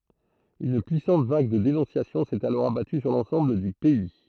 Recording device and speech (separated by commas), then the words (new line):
throat microphone, read sentence
Une puissante vague de dénonciations s’est alors abattue sur l’ensemble du pays.